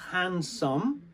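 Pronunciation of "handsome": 'handsome' is pronounced incorrectly here. It is said as 'hand some', the way the spelling suggests.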